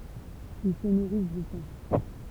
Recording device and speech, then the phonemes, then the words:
temple vibration pickup, read sentence
il sə nuʁis də sɑ̃
Ils se nourrissent de sang.

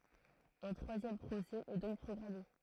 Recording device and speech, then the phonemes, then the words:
throat microphone, read sentence
œ̃ tʁwazjɛm pʁosɛ ɛ dɔ̃k pʁɔɡʁame
Un troisième procès est donc programmé.

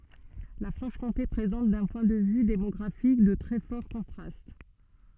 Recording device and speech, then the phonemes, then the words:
soft in-ear microphone, read sentence
la fʁɑ̃ʃkɔ̃te pʁezɑ̃t dœ̃ pwɛ̃ də vy demɔɡʁafik də tʁɛ fɔʁ kɔ̃tʁast
La Franche-Comté présente, d'un point de vue démographique, de très forts contrastes.

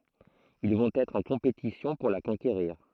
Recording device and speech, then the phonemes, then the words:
throat microphone, read sentence
il vɔ̃t ɛtʁ ɑ̃ kɔ̃petisjɔ̃ puʁ la kɔ̃keʁiʁ
Ils vont être en compétition pour la conquérir.

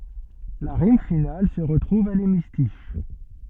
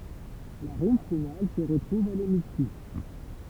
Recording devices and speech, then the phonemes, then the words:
soft in-ear microphone, temple vibration pickup, read sentence
la ʁim final sə ʁətʁuv a lemistiʃ
La rime finale se retrouve à l’hémistiche.

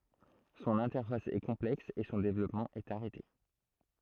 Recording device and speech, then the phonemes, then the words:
throat microphone, read sentence
sɔ̃n ɛ̃tɛʁfas ɛ kɔ̃plɛks e sɔ̃ devlɔpmɑ̃ ɛt aʁɛte
Son interface est complexe et son développement est arrêté.

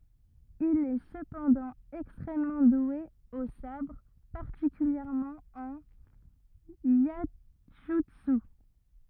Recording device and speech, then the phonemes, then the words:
rigid in-ear microphone, read sentence
il ɛ səpɑ̃dɑ̃ ɛkstʁɛmmɑ̃ dwe o sabʁ paʁtikyljɛʁmɑ̃ ɑ̃n jɛʒytsy
Il est cependant extrêmement doué au sabre, particulièrement en iaijutsu.

